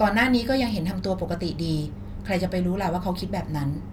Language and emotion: Thai, frustrated